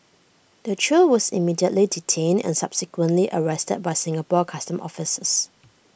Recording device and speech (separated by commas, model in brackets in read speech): boundary microphone (BM630), read sentence